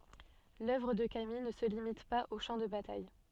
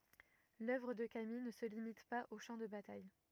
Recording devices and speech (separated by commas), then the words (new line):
soft in-ear microphone, rigid in-ear microphone, read sentence
L’œuvre de Camille ne se limite pas aux champs de bataille.